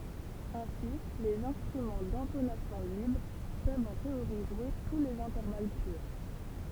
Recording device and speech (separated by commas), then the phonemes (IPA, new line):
temple vibration pickup, read sentence
ɛ̃si lez ɛ̃stʁymɑ̃ dɛ̃tonasjɔ̃ libʁ pøvt ɑ̃ teoʁi ʒwe tu lez ɛ̃tɛʁval pyʁ